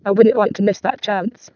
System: VC, vocoder